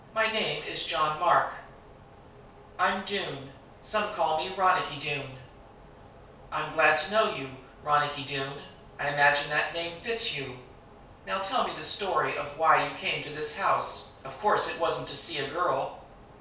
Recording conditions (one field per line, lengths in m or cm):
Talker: one person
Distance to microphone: 3.0 m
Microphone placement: far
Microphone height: 1.8 m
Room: small (3.7 m by 2.7 m)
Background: none